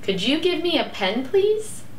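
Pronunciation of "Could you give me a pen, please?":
The request 'Could you give me a pen, please?' is said with a rising intonation.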